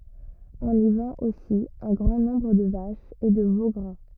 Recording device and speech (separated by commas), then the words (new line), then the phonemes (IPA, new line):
rigid in-ear microphone, read sentence
On y vend aussi un grand nombre de vaches et de veaux gras.
ɔ̃n i vɑ̃t osi œ̃ ɡʁɑ̃ nɔ̃bʁ də vaʃz e də vo ɡʁa